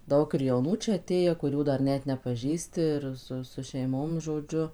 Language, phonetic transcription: Lithuanian, ˈdaug ir jauˈnų ˈčia aˈtėję kuˈrių ˈdar ˈnet nepaˈžįsti ir ˈsu su šeiˈmom žoˈdžiu

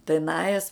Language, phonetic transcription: Lithuanian, tai ˈnajes

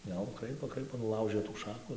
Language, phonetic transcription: Lithuanian, jau ˈkraipo ˈkraipo nuˈlaužɘ tų ˈšaku

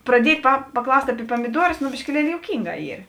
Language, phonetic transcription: Lithuanian, praˈdiet' pa paˈklaust' aˈpie pamiˈduorus nu biškiˈlieli jouˈkynˌgā ˈyr

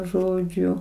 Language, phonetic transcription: Lithuanian, ˈžodžiu

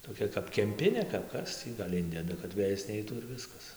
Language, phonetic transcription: Lithuanian, toˈkia kap kemˈpinė kap ˈkas tį gal' ˈindeda kad ˈvėjas ˈneitų ir ˈviskas

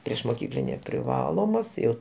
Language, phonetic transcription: Lithuanian, priešmoˈkyklinė priˈvalomas ˈjau

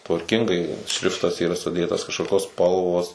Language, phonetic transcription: Lithuanian, tvarˈkingai ˈšriftas yˈra suˈdėtas kažkoˈkios ˈspalvos

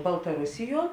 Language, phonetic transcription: Lithuanian, baltaˈrusiˌjuo

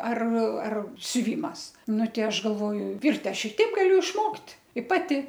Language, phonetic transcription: Lithuanian, ar ar siuˈvymas ˈnu ˈtei ˈaš galˈvoju ˈvirt' ˈaš i ˈteip ˈgaliu išˈmokt' i ˈpati

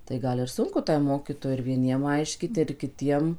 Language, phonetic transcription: Lithuanian, tai ˈgal ir ˈsunku ˈtai ˈmokytojai ir vieˈniem ˈaiškyt ir kiˈtiem

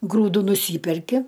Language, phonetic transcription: Lithuanian, ˈgrūdu nuˈsyperki

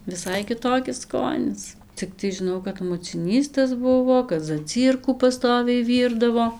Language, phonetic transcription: Lithuanian, viˈsai kiˈtokis ˈskonis cikˈtai žiˈnau kad muciˈnys tas ˈbuvo kad zaˈcyrkų paˈstoviai ˈvyrdavo

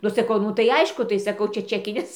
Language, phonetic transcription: Lithuanian, nu saˈkau ˈnu tai ˈaišku tai ˈsakau ˈčia ˈčekinis

